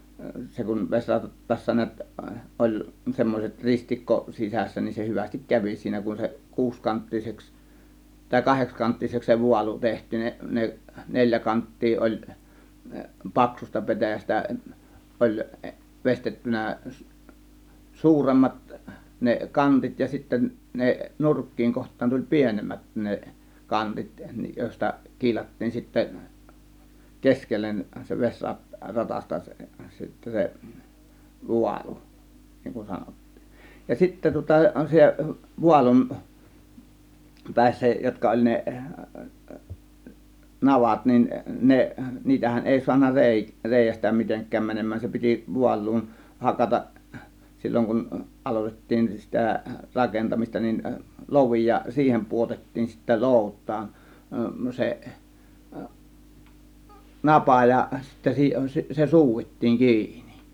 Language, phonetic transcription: Finnish, 'se kun 'ves͕rattaassa niät , 'oĺ , 'semmoset , 'ristikko 'sisässä nin , se 'hyvästik "kävi 'siinä , kun se 'kuuskanttiseks , tàė 'kahekskanttiseks se "vualu 'teht̆tiin ne- , 'ne- , "neĺjä 'kant̀tii ˀoĺ , "paksusta "pe̬täjästä 'ˀoĺ , "vestettynä̀ , "suuremmat , ne "kantit ja sitten 'ne , "nurkkiiŋ 'koht̆taan tuĺ "pienemmät ne , "kantit 'jòėsta , 'kiilattiin sittä , "keskellen se 'ves͕rat- , 'ratasta se sittä se , "vualu , niŋ kun 'sanottII , ja 'sittä tŭŏta se "vualum , "pä̀issä 'jotka oĺ 'ne , "navat nin 'ne , 'niitähän 'èi suanna "rèi- , "rèijästä 'miteŋk̆kääm mänem̆mään 'se piti 'vual̆luun , "hakataˀ 'sil͕l͕oŋ kun , 'ˀalotet̀tiin sitä , 'rakentamista nin , "lovi ja 'siihem 'pu₍otettiin sittä "lòut̆taan , 'seˀ , "napà ja , sittä si- 'se "suuvit̀tiiŋ 'kiinI .
- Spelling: se kun vesirattaassa näet oli semmoiset ristikko sisässä niin se hyvästi kävi siinä kun se kuusikanttiseksi tai kahdeksankanttiseksi se vaalu tehtiin - - neljä kanttia oli paksusta petäjästä oli veistettynä suuremmat ne kantit ja sitten ne nurkkien kohtaan tuli pienemmät ne kantit joista kiilattiin sitten keskelle se - vesiratasta se sitten se vaalu niin kuin sanottiin ja sitten tuota se vaalun päissä jotka oli ne navat niin ne niitähän ei saanut - reiästä mitenkään menemään se piti vaaluun hakata silloin kun aloitettiin sitä rakentamista niin lovi ja siihen pudotettiin sitten loutaan se napa ja sitten - se suudittiin kiinni

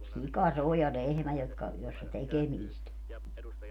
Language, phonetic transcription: Finnish, "sika 'se ‿o ja "lehmä jotka , jossa "tekemiist ‿o .
- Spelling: sika se on ja lehmä jotka jossa tekemistä on

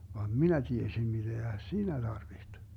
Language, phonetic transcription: Finnish, vaam "minä 'tiesim 'miDeä "siinä 'Darviht .
- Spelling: vaan minä tiesin mitä siinä tarvitsi

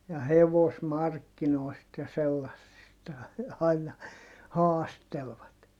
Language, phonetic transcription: Finnish, ja hevosmarkkinoi̮st ja sellassista aina , haastelvat .
- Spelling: ja hevosmarkkinoista ja sellaisista aina haastelivat

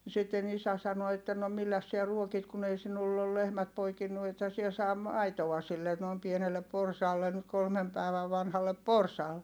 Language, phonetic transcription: Finnish, sitten ‿isä sano että » no milläs siä ruokit kun ‿ei sinull ‿ol lehmät poikinnu ethä siɛ saa , maitoa sille , nòi̮m pienellep̆ porsaallen nyt kolmem pä̀i̮vä vanhallep porsaal » .
- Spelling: sitten isä sanoi että no milläs sinä ruokit kun ei sinulla ole lehmät poikinut ethän sinä saa maitoa sille noin pienelle porsaalle nyt kolme päivää vanhalle porsaalle

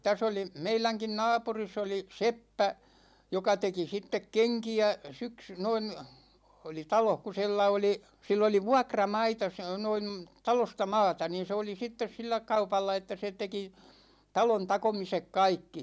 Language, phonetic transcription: Finnish, 'täs ‿oli , 'meiläŋkin "naapuris ‿oli , 'seppä , 'joka 'teki 'sittek "keŋki₍ä , 'syksy noin̬ , oli 'taloh ku̬ 'si̬llä oli , 'sill ‿oli "vuakra'maita s- noin̬ , 'talosta 'maata niin̬ 'se oli 'sittes "sillä 'kaupalla että se 'teki , 'talon 'takomisek "kaikki .
- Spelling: tässä oli meidänkin naapurissa oli seppä joka teki sitten kenkiä syksy noin oli talossa kun sillä oli sillä oli vuokramaita se noin talosta maata niin se oli sitten sillä kaupalla että se teki talon takomiset kaikki

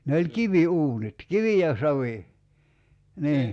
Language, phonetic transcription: Finnish, ne oĺ "kivi₍'uunit , "kivi ja 'savi , 'nii .
- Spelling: ne oli kiviuunit kivi ja savi niin

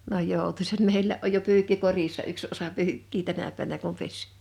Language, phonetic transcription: Finnish, n ‿oj 'jòutusat 'meillä’ ’oj jo 'pyykki "korissa 'yks osa 'pyykkii 'tänä pä̀nä kum 'pes .
- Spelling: ne on joutuisat meillä on jo pyykki korissa yksi osa pyykkiä tänä päivänä kun pesi

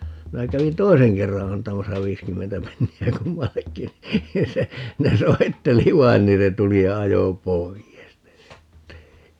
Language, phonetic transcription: Finnish, 'minä 'kävin "toiseŋ 'kerra 'antamasa 'viiskymmentä penni₍ä 'kummal"lekki (ni) , 'ja se , ne 'soitteli "vain niin se 'tuli ja 'ajo "poijes ne 'sitte .
- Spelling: minä kävin toisen kerran antamassa viisikymmentä penniä kummallekin niin ja se ne soitteli vain niin se tuli ja ajoi pois ne sitten

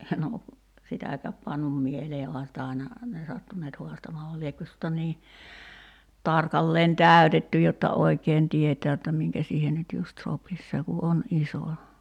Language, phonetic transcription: Finnish, en ‿o , 'sitä̀käp pannum 'mielee oha sitä aina , ne 'sattun̆neet 'huastamaa va 'liekkö (se tuota) nii , 'tarkalleen "tä̀y̬tetty jotta 'oi̬keen 'tietää jotta 'miŋkä siihen nyt 'just "sopis 'se ku "’on 'iso .
- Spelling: en ole sitäkään pannut mieleen onhan sitä aina ne sattuneet haastamaan vaan liekö se tuota niin tarkalleen täytetty jotta oikein tietää jotta minkä siihen nyt just sopisi se kun on iso

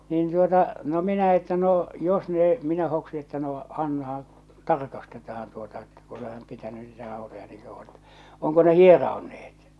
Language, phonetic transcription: Finnish, niin tuota , no 'minä että 'no , jos noo , minä hoksi että noo , annahaa̰ , "tarkastetahan tuota että ku (ole--) pitäny niitä ràotoja niiŋ kauvvo ᴇttᴀ̈ , oŋko ne 'hierao̭neet .
- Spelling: niin tuota no minä että no jos no minä hoksin että no annahan tarkastetaan tuota että kun olet pitänyt niitä rautoja niin kauan että onko ne hieroutuneet

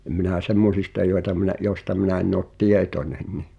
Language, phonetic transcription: Finnish, em minä̀ 'semmosista joeta miⁿᵃ̈ , jòⁱsta minä enn ‿ot "tietońen ni .
- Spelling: en minä semmoisista joita minä joista minä en ole tietoinen niin

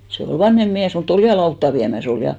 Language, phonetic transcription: Finnish, se ol "vanhem miäs mu't ‿ol "ja 'lautta viämä's ‿ol ja .
- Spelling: se oli vanhempi mies mutta oli ja lautaa viemässä oli ja

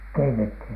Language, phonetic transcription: Finnish, keitethin ?
- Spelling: keitettiin

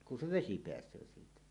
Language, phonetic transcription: Finnish, ku se "vesi peäs̀öö siitä .
- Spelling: kun se vesi pääsee siitä

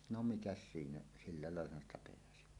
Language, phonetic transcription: Finnish, no "mikäs 'siinä , silla làellahan ‿sta peäsi .
- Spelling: no mikäs siinä sillä laillahan sitä pääsi

